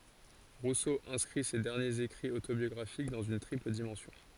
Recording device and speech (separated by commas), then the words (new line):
forehead accelerometer, read sentence
Rousseau inscrit ces derniers écrits autobiographiques dans une triple dimension.